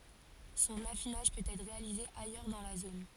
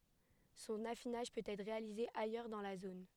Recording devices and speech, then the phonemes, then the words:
forehead accelerometer, headset microphone, read sentence
sɔ̃n afinaʒ pøt ɛtʁ ʁealize ajœʁ dɑ̃ la zon
Son affinage peut être réalisé ailleurs dans la zone.

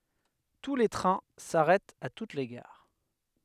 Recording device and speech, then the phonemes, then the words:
headset microphone, read sentence
tu le tʁɛ̃ saʁɛtt a tut le ɡaʁ
Tous les trains s'arrêtent à toutes les gares.

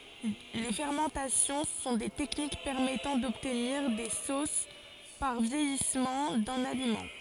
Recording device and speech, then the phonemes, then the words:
forehead accelerometer, read sentence
le fɛʁmɑ̃tasjɔ̃ sɔ̃ de tɛknik pɛʁmɛtɑ̃ dɔbtniʁ de sos paʁ vjɛjismɑ̃ dœ̃n alimɑ̃
Les fermentations sont des techniques permettant d'obtenir des sauces par vieillissement d'un aliment.

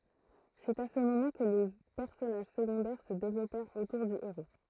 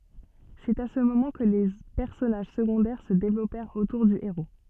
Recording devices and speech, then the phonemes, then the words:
throat microphone, soft in-ear microphone, read sentence
sɛt a sə momɑ̃ kə le pɛʁsɔnaʒ səɡɔ̃dɛʁ sə devlɔpɛʁt otuʁ dy eʁo
C’est à ce moment que les personnages secondaires se développèrent autour du héros.

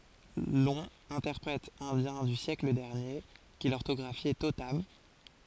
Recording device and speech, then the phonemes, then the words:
forehead accelerometer, read sentence
lɔ̃ ɛ̃tɛʁpʁɛt ɛ̃djɛ̃ dy sjɛkl dɛʁnje ki lɔʁtɔɡʁafjɛ totam
Long, interprète indien du siècle dernier, qui l’orthographiait totam.

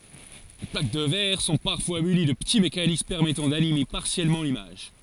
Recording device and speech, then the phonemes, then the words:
forehead accelerometer, read sentence
le plak də vɛʁ sɔ̃ paʁfwa myni də pəti mekanism pɛʁmɛtɑ̃ danime paʁsjɛlmɑ̃ limaʒ
Les plaques de verre sont parfois munies de petits mécanismes permettant d'animer partiellement l'image.

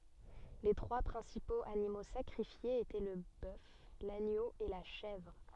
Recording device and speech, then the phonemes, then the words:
soft in-ear microphone, read sentence
le tʁwa pʁɛ̃sipoz animo sakʁifjez etɛ lə bœf laɲo e la ʃɛvʁ
Les trois principaux animaux sacrifiés étaient le bœuf, l'agneau et la chèvre.

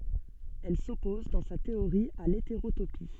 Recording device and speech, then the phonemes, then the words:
soft in-ear microphone, read sentence
ɛl sɔpɔz dɑ̃ sa teoʁi a leteʁotopi
Elle s'oppose, dans sa théorie, à l'hétérotopie.

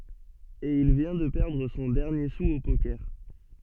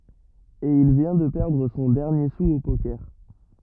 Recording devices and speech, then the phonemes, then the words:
soft in-ear microphone, rigid in-ear microphone, read sentence
e il vjɛ̃ də pɛʁdʁ sɔ̃ dɛʁnje su o pokɛʁ
Et il vient de perdre son dernier sou au poker.

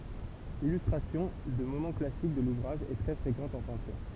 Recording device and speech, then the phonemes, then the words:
temple vibration pickup, read sentence
lilystʁasjɔ̃ də momɑ̃ klasik də luvʁaʒ ɛ tʁɛ fʁekɑ̃t ɑ̃ pɛ̃tyʁ
L'illustration de moments classiques de l'ouvrage est très fréquente en peinture.

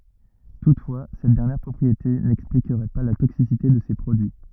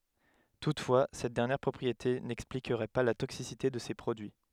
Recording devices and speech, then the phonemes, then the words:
rigid in-ear microphone, headset microphone, read sentence
tutfwa sɛt dɛʁnjɛʁ pʁɔpʁiete nɛksplikʁɛ pa la toksisite də se pʁodyi
Toutefois, cette dernière propriété n'expliquerait pas la toxicité de ces produits.

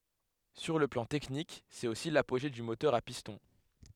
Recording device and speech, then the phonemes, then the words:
headset microphone, read sentence
syʁ lə plɑ̃ tɛknik sɛt osi lapoʒe dy motœʁ a pistɔ̃
Sur le plan technique c'est aussi l'apogée du moteur à piston.

